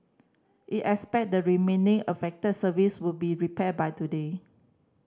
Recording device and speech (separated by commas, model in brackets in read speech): standing microphone (AKG C214), read sentence